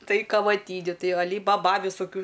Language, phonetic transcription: Lithuanian, ˈtai kavaˈtyniu ˈtai aˈly baˈba visoˈkių

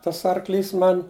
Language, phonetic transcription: Lithuanian, ˈtas ˈarˌklys ˈman'

